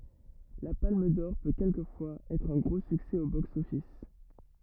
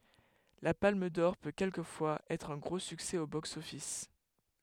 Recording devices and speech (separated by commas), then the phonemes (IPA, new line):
rigid in-ear microphone, headset microphone, read sentence
la palm dɔʁ pø kɛlkəfwaz ɛtʁ œ̃ ɡʁo syksɛ o bɔks ɔfis